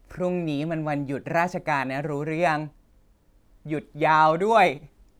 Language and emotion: Thai, happy